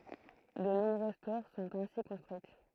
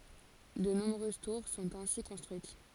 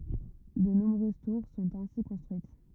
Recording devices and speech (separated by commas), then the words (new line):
throat microphone, forehead accelerometer, rigid in-ear microphone, read sentence
De nombreuses tours sont ainsi construites.